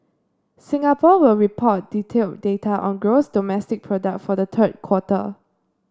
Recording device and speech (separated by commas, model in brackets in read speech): standing microphone (AKG C214), read sentence